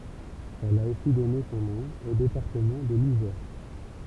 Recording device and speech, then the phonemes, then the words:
temple vibration pickup, read sentence
ɛl a osi dɔne sɔ̃ nɔ̃ o depaʁtəmɑ̃ də lizɛʁ
Elle a aussi donné son nom au département de l'Isère.

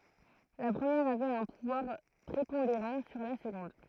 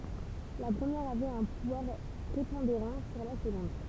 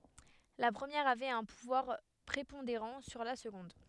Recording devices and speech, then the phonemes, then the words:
throat microphone, temple vibration pickup, headset microphone, read sentence
la pʁəmjɛʁ avɛt œ̃ puvwaʁ pʁepɔ̃deʁɑ̃ syʁ la səɡɔ̃d
La première avait un pouvoir prépondérant sur la seconde.

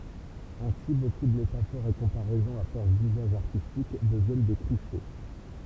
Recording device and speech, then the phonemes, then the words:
temple vibration pickup, read sentence
ɛ̃si boku də metafoʁz e kɔ̃paʁɛzɔ̃z a fɔʁs dyzaʒ aʁtistik dəvjɛn de kliʃe
Ainsi, beaucoup de métaphores et comparaisons à force d'usage artistique deviennent des clichés.

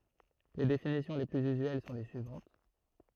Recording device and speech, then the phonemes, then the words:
throat microphone, read sentence
le definisjɔ̃ le plyz yzyɛl sɔ̃ le syivɑ̃t
Les définitions les plus usuelles sont les suivantes.

